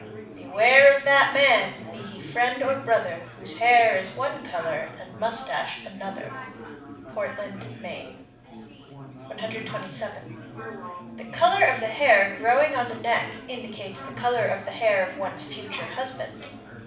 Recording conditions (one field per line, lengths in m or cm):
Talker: one person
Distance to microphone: 5.8 m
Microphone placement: far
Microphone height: 1.8 m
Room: medium-sized (5.7 m by 4.0 m)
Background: babble